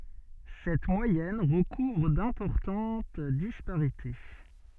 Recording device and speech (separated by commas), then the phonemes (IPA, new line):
soft in-ear microphone, read sentence
sɛt mwajɛn ʁəkuvʁ dɛ̃pɔʁtɑ̃t dispaʁite